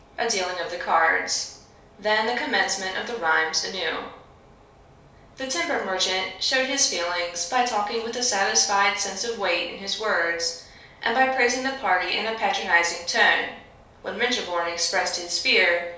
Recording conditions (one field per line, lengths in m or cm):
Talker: one person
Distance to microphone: 3.0 m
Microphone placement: far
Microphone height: 1.8 m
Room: small (3.7 m by 2.7 m)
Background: none